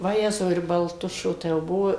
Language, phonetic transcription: Lithuanian, vaˈjezau ir balˈtušio tai jau ˈbuo

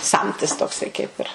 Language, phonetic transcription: Lithuanian, ˈsamtis tokˈsai kaip ir

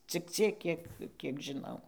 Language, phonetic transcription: Lithuanian, cik ˈciek ˈkiek ˈkiek žiˈnau

